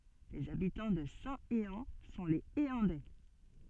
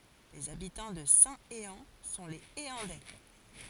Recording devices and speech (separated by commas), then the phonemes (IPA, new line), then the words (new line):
soft in-ear microphone, forehead accelerometer, read sentence
lez abitɑ̃ də sɛ̃teɑ̃ sɔ̃ lez eɑ̃dɛ
Les habitants de Saint-Héand sont les Héandais.